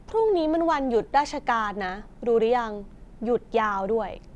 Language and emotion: Thai, neutral